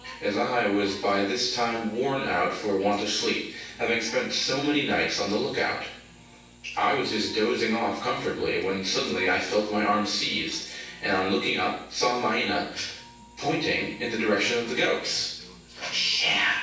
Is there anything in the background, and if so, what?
A television.